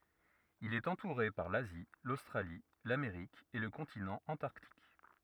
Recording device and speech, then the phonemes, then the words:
rigid in-ear microphone, read sentence
il ɛt ɑ̃tuʁe paʁ lazi lostʁali lameʁik e lə kɔ̃tinɑ̃ ɑ̃taʁtik
Il est entouré par l'Asie, l'Australie, l'Amérique et le continent Antarctique.

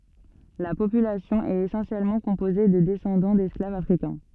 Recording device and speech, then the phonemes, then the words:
soft in-ear microphone, read sentence
la popylasjɔ̃ ɛt esɑ̃sjɛlmɑ̃ kɔ̃poze də dɛsɑ̃dɑ̃ dɛsklavz afʁikɛ̃
La population est essentiellement composée de descendants d'esclaves africains.

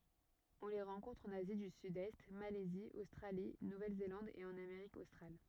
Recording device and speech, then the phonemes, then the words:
rigid in-ear microphone, read sentence
ɔ̃ le ʁɑ̃kɔ̃tʁ ɑ̃n azi dy sydɛst malɛzi ostʁali nuvɛlzelɑ̃d e ɑ̃n ameʁik ostʁal
On les rencontre en Asie du Sud-Est, Malaisie, Australie, Nouvelle-Zélande et en Amérique australe.

